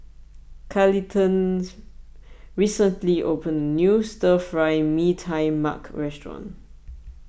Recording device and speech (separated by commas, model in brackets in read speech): boundary microphone (BM630), read sentence